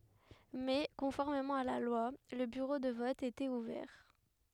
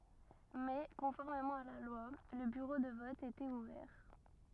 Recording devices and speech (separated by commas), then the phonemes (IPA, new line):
headset microphone, rigid in-ear microphone, read sentence
mɛ kɔ̃fɔʁmemɑ̃ a la lwa lə byʁo də vɔt etɛt uvɛʁ